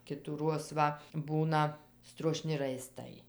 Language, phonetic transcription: Lithuanian, kitųˈruoz ˈva ˈbūna struoˈšni raiˈstai

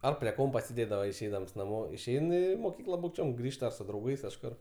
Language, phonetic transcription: Lithuanian, ˈar prie ˈkompa sėˈdėdava išˈeidams naˈmo išˈein ˈį moˈkykla būkˈčiom ˈgrįžta su drauˈgais kažˈkur

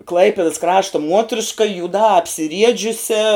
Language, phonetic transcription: Lithuanian, ˈklaipidas ˈkrašta ˈmuotriška jūˈdā apsiˈriedžiusia

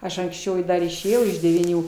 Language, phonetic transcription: Lithuanian, ˈaš anksˈčiau dar išėˈjau iš devyˈnių

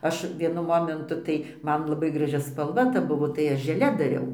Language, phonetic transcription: Lithuanian, ˈaš vieˈnu ˈmomentu tai ˈman laˈbai graˈži spalˈva ta ˈbuvo tai ˈaš žeˈle daˈriau

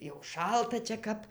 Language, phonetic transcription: Lithuanian, jau ˈšalta čia ˈkap

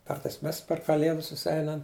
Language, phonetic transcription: Lithuanian, ˈkartais ˈmes per kaˈlėdus suˈseinam

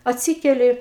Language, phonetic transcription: Lithuanian, atˈsykeli

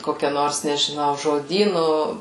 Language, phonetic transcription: Lithuanian, ˈkokia ˈnors nežiˈnau žoˈdynu

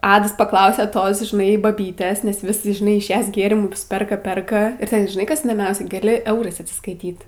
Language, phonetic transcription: Lithuanian, ˈadas paˈklausia ˈtos žiˈnai baˈbytės nes vis žiˈnai iš ˈjas ˈgėrimus ˈperka ˈperka ir ˈten žiˈnai ˈkas įdoˈmiausia gaˈli ˈeurais atsiskaiˈtyt

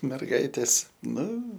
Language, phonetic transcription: Lithuanian, merˈgaitės ˈnu

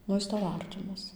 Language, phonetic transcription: Lithuanian, ˈnu ˈjis ˈtau ˈartimas

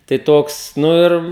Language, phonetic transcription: Lithuanian, tai ˈtoks ˈnu ir

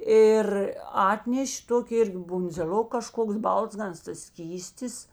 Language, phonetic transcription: Lithuanian, ˈir ˈatneš' ˈtoki ˈirgi bundzėˈl'ok kaˈžkoks ˈbalzganas tas ˈskystis

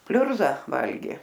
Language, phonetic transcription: Lithuanian, ˈpliurza ˈvalgė

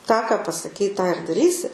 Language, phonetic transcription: Lithuanian, tą ka pasaˈkei tą ir daˈrysi

